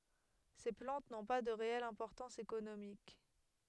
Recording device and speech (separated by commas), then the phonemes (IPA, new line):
headset microphone, read sentence
se plɑ̃t nɔ̃ pa də ʁeɛl ɛ̃pɔʁtɑ̃s ekonomik